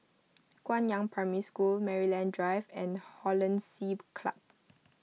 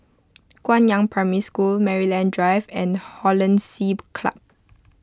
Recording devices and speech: mobile phone (iPhone 6), close-talking microphone (WH20), read sentence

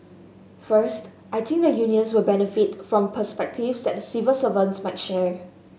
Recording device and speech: mobile phone (Samsung S8), read sentence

